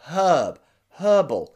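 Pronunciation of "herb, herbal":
'Herb' and 'herbal' are both said with a strong h sound at the beginning, the British pronunciation rather than the American one without the h.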